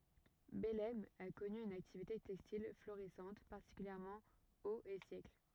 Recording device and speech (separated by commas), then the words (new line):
rigid in-ear microphone, read sentence
Bellême a connu une activité textile florissante, particulièrement aux et siècles.